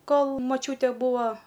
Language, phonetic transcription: Lithuanian, ˈkol moˈčiūte ˈbūo

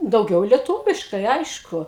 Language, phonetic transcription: Lithuanian, dauˈgiau lieˈtūviškai ˈaišku

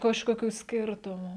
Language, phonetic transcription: Lithuanian, kažkoˈkių ˈskirtumų

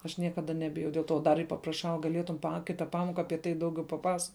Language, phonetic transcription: Lithuanian, aš ˈniekaˌda ˈnebijau del ˈto ˈdar ir papraˈšau gaˈlėtum pa ˈkita ˈpamoka ˈapie tai ˈdauˌgiau paˈpas

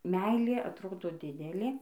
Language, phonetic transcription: Lithuanian, ˈmeilė atˈrodo ˈdidelė

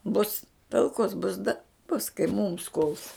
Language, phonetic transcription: Lithuanian, bus talˈkos bus da bus kai mūms kuls

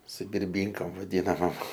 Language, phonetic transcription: Lithuanian, su birˈbynkam vaˈdynamom

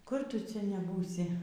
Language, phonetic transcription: Lithuanian, kur ˈtu ˈcia neˈbūsi

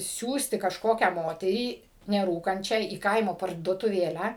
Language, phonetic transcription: Lithuanian, ˈsiųsti kažˈkokią ˈmoterį neˈrūkančią į ˈkaimo parduotuˈvėlę

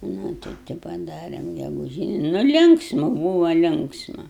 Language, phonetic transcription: Lithuanian, ˈnu tai tai paˈdarem geguˈžyni nu ˈlinksmu ˈbūva ˈlinksma

